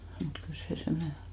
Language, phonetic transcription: Finnish, mut 'kyl se 'semne o .
- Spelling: mutta kyllä se semmoinen on

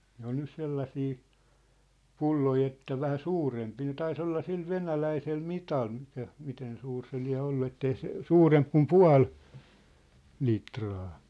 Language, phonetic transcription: Finnish, 'ne ‿on nys 'sellasii , "pulloi että 'vähä "suurempii ne 'tai's ‿olla 'sil "venäläisel "mital mikä , 'miten suur se 'liä̭ 'ollu ettei se , "suuremp kum "pua̭l , 'litraa .
- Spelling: ne on nyt sellaisia pulloja että vähän suurempia ne taisi olla sillä venäläisellä mitalla mikä miten suuri se lie ollut että ei se suurempi kuin puoli litraa

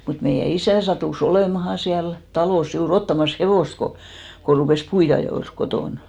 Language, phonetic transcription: Finnish, mut meijä 'isä̀ satù"s ‿olèmaha siäl , 'talòs , juu"r ‿ottamas "hevòst ko , ko rupès 'puit(te₍ajols sit) 'kotòn .
- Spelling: mutta meidän isä sattui olemaan siellä talossa juuri ottamassa hevosta kun kun rupesi puidenajolle sitten kotona

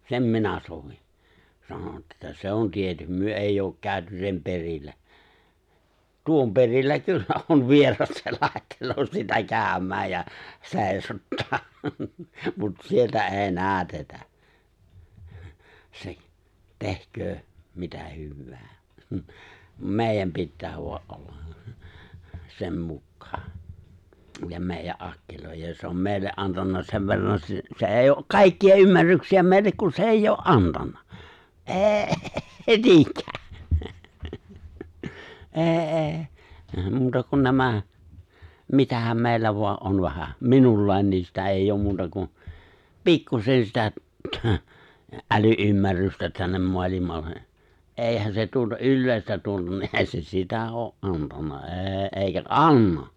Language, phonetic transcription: Finnish, sem 'minä 'sovin̬ , 'sanon että 'se on 'tietym- 'myö 'èijj ‿ook 'kääᵒ̈ty 'sem 'perillä , "tuom 'perillä 'kyllä on 'vieras se 'làettel̀oo sitä 'kääᵒ̈m̀ääj ja 'se̬e̬ⁱsottaa , mut 'sieltä "’e̬e̬ "näätetä , 'se , 'tehᴇ̀köö , 'mitä hywwää , "mèijäm 'pittää voa’ '’olla , "sem 'mukkaa , ja 'mèijä’ "’akkilòijaj ja se om 'me̬e̬ⁱlle '’antanna 'sev verran s- se ’èijj ‿ook "kàikki₍a 'ymmärryksi₍ä 'mè̬illek kun se "’eijj ‿'o’ "’antanna , "’e̬e̬ 'niiŋkää , '’e̬e̬ '’e̬e̬ , 'muuta kun 'nämä , 'mitähäm 'mè̬i̬llä voa’ '’on 'vähä , "minullàen niin̬ sitä 'eijj ‿'oom 'muuta kun̬ , "pikkusen 'sitä , thə , '’äly’ymmärrystä tännem 'mo̭alimalle , '’èihän se tuota '’yllèistä tu(ota niin) '’eeⁱ se "sitä oo’ '’antanna '’e̬e̬ '’eeⁱkä "’anna .
- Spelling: sen minä sovin sanon että se on - me ei ole käyty sen perillä tuon perillä kyllä on vieras se laittelee sitä käymään ja seisottaa mutta sieltä ei näytetä se tehköön mitä hyvänsä meidän pitää vain olla sen mukaan ja meidän akkiloida ja se on meille antanut sen verran - se ei ole kaikkia ymmärryksiä meille kun se ei ole antanut ei niinkään ei ei muuta kuin nämä mitähän meillä vain on vähän minulla niin sitä ei ole muuta kuin pikkuisen sitä - äly-ymmärrystä tänne maailmalle eihän se tuota yleistä tuota niin ei se sitä ole antanut ei eikä anna

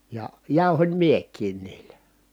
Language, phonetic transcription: Finnish, ja jàu̬hom miek̀iin niilä .
- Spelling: ja jauhoin minäkin niillä

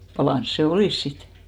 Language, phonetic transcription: Finnish, 'palàns se "olìs 'sit .
- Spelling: palanut se olisi sitten

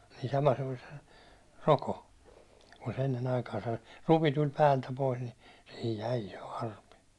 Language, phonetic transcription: Finnish, nii sama se olis (sen) , 'roko , kun se ennen 'aikaasa , 'rupi tuĺ 'päältä pois ni , sihij 'jäi 'jo 'arpi .
- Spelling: niin sama se oli sen rokon kun se ennen aikaansa rupi tuli päältä pois niin siihen jäi jo arpi

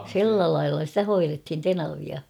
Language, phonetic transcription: Finnish, si̬llä lailla stä 'hoirethin "tenavia .
- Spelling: sillä lailla sitä hoidettiin tenavia

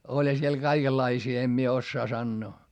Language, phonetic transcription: Finnish, oĺha siel kaikellaisii em mie ossaa sannoo .
- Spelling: olihan siellä kaikenlaisia en minä osaa sanoa

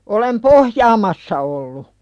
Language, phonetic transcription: Finnish, olem "pohjaamassa ollu .
- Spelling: olen pohjaamassa ollut

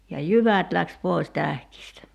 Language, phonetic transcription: Finnish, ja "jyvät läks 'poi̬s 'tähkistä .
- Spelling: ja jyvät lähti pois tähkistä

